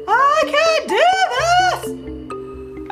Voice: high pitched